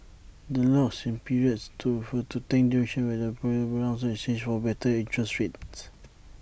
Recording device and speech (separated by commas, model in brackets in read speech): boundary microphone (BM630), read sentence